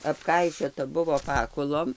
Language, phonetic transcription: Lithuanian, apˈkaišiota ˈbuvo ˈpakulom

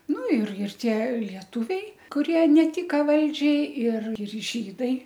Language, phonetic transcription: Lithuanian, ˈnu ir ir ˈtie lieˈtuviai kuˈrie neˈtika ˈvaldžiai ir ir ˈžydai

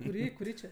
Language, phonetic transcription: Lithuanian, kuˈrį kuˈrį čia

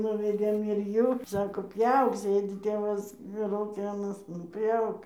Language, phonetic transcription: Lithuanian, nuveˈdėm ir ˈjų ˈsako ˈpjauk ˈsėdi ˈtėvas lauˈki aˈnas nu ˈpjauk

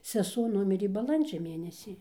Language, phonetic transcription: Lithuanian, seˈsuo ˈnumirė baˈlandžia ˈmėnesį

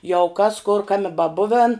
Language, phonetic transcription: Lithuanian, jau kas kur ˈkami baˈbuven

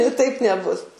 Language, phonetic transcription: Lithuanian, taip neˈbus

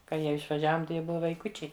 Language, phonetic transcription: Lithuanian, ka ˈjie išvaˈžiavom tai ˈjie ˈbuva vaiˈkučiai

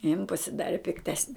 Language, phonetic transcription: Lithuanian, jin pasiˈdari pikˈtesni

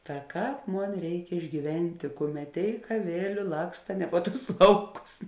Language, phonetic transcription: Lithuanian, ta ˈkāp ˈmon ˈreik išgyˈventė ˈkuˌmet ˈtėik aˈvėliu ˈlaksta ne po ˈtus ˈlauˌkus

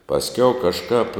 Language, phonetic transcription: Lithuanian, pasˈkiau kažˈkāp

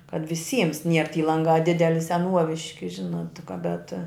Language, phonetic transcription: Lithuanian, kad viˈsyms nier ty ˈlangā ˈdideli seˈnuoviški ˈžinot ti ka bet

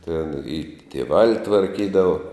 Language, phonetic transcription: Lithuanian, ten i tieˈvali tvarˈkydavo

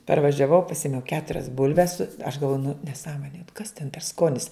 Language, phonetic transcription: Lithuanian, parvažiaˈvau paˈsimiau ˈketurias ˈbulves su aš galˈvoju nu neˈsąmonė kas ten per ˈskonis

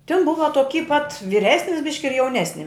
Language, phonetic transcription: Lithuanian, tin ˈbuva toˈky pat viˈresnis ˈbiški ir jauˈnesni

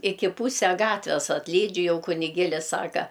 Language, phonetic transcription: Lithuanian, ˈiki ˈpūse ˈgatves atlˈydžiu ˈjau kuniˈgėlis ˈsaka

